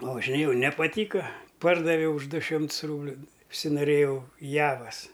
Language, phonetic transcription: Lithuanian, pavažiˈnėjau nepaˈtyka ˈpardaviau už ˈdu ˈšimts ˈrūbliu užsinoˈrėjau ˈjavas

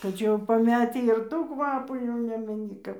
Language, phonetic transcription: Lithuanian, tai ˈčia jau paˈmetį ir ˈtų ˈkvapų jau ˈnemeni ˈkap

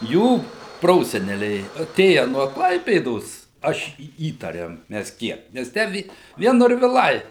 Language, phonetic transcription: Lithuanian, ˈjų ˈproseneliai aˈtėja nuo ˈklaipėdos ˈaš į ˈįtarėm ˈmes ˈkiek ˈnes ˈtę vie ˈvien norviˈlai

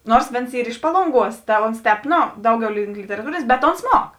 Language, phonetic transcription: Lithuanian, ˈnors ˈvėns ˈyr iš ˈpalonˌguos ta ˈons ˈtēp ˈno ˈdauˌgiau link literaˈtūrėnės bet ons ˈmuok

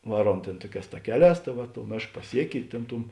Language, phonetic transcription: Lithuanian, ˈvaˌruom ˈtėn ˈtuoˌkēs taˈkeˌlēs ta ˈva tou ˈmėšk paˈsieki i ˈtėn ˈtum

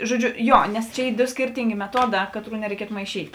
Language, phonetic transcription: Lithuanian, žoˈdžiu ˈjo nes ˈčia ˈy ˈdo ˈskyrtingė meˈtuoˌdā ˈkaˌtrų nereiˈkietu maiˈšyt'

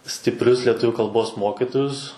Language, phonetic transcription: Lithuanian, stipˈrius lieˈtuviu kalˈbos ˈmokitojus

